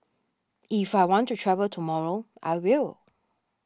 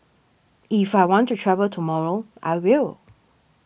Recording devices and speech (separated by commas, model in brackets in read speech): standing microphone (AKG C214), boundary microphone (BM630), read sentence